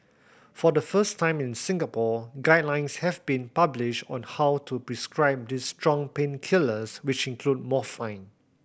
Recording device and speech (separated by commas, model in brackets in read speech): boundary microphone (BM630), read sentence